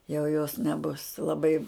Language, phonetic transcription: Lithuanian, jau jos neˈbus laˈbai

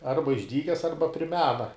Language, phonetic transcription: Lithuanian, ˈarba išˈdykes ˈarba pri ˈmena

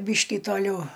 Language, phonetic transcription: Lithuanian, ˈbyškį toˈliau

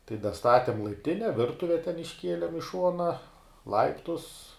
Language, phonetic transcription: Lithuanian, tai daˈstatim laipˈtine ˈvirtuve ten išˈkielim i ˈšuona ˈlaiptus

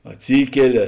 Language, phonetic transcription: Lithuanian, atˈsykeli

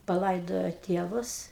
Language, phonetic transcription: Lithuanian, paˈlaidojo ˈtėvus

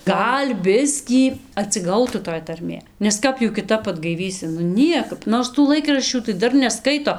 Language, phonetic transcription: Lithuanian, ˈgal' ˈbiskį atsiˈgautų toj tarˈmė nes ˈkap jų kiˈtap atgaiˈvysi nu ˈniekap ˈnors tų ˈlaikraščių tai ˈdar neˈskaito

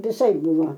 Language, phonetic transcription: Lithuanian, viˈsaip ˈbuvo

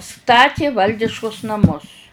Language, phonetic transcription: Lithuanian, ˈstati ˈvaldiškus naˈmus

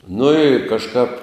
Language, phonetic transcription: Lithuanian, nu i kažˈkāp

